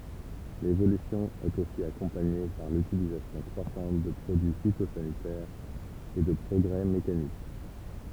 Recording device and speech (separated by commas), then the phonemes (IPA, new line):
temple vibration pickup, read sentence
levolysjɔ̃ ɛt osi akɔ̃paɲe paʁ lytilizasjɔ̃ kʁwasɑ̃t də pʁodyi fitozanitɛʁz e də pʁɔɡʁɛ mekanik